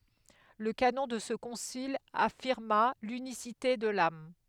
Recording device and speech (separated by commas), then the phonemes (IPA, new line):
headset microphone, read sentence
lə kanɔ̃ də sə kɔ̃sil afiʁma lynisite də lam